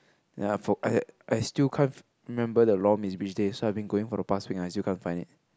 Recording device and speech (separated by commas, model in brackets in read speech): close-talking microphone, conversation in the same room